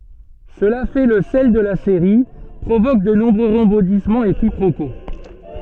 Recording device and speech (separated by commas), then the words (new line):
soft in-ear microphone, read sentence
Cela fait le sel de la série, provoque de nombreux rebondissements et quiproquos.